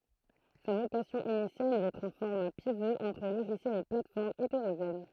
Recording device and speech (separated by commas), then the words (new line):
throat microphone, read sentence
Sa vocation initiale est d'être un format pivot entre logiciels et plates-formes hétérogènes.